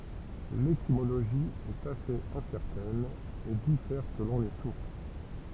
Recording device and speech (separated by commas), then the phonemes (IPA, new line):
temple vibration pickup, read sentence
letimoloʒi ɛt asez ɛ̃sɛʁtɛn e difɛʁ səlɔ̃ le suʁs